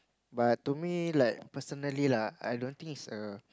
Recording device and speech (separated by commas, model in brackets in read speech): close-talking microphone, conversation in the same room